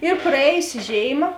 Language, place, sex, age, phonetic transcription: Lithuanian, Žemaitija, female, 18-60, ir praˈėjusiˈžėiˌma

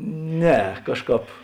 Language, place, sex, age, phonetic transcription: Lithuanian, Žemaitija, male, 60+, ˈne ˈkažˌkāp

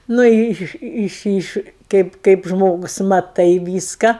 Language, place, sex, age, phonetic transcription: Lithuanian, Aukštaitija, female, 60+, nu ˈi ˈiš ˈiš ˈiš ˈkaip kaip ˈžmogus maˈtai ˈvyska

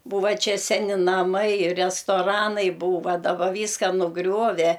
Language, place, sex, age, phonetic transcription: Lithuanian, Aukštaitija, female, 60+, ˈbūva ˈčia ˈseni naˈmai restoˈranai ˈbūva daˈba ˈvyska nuˈgriuove

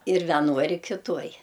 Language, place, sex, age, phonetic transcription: Lithuanian, Aukštaitija, female, 60+, ir veˈnoj ir kiˈtuoj

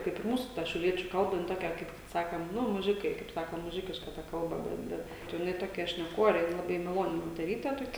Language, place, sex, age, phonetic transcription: Lithuanian, Žemaitija, female, 18-60, kaip ir ˈmūsu ˈta šiauˈliečiu ˈkalba jin ˈtokia ˈkaip ˈsakem ˈnu muˈžikai ˈkaip ˈsaka ˈnu muˈžikiška ˈta ˈkalba ˈbet ˈbet tai jiˈnai ˈtokia šneˈkore ˈjin laˈbai maˈloni moteˈryte toˈkia

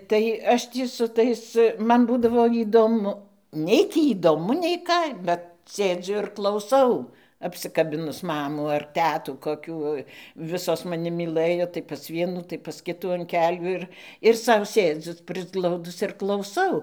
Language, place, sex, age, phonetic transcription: Lithuanian, Dzūkija, female, 60+, tai ˈaš ˈtį su ˈtais ˈman ˈbūdavo įdoˈmu ˈnei tį įdoˈmu nei ˈką ˈbet ˈsėdziu ir klauˈsau apsikaˈbinus ˈmamų ar ˈtetų koˈkių ˈvisos maˈni myˈlɘjo tai pas ˈvienų tai pas ˈkitų an ˈkelių ir ir ˈsau ˈsėdziu prisˈglaudus ir klauˈsau

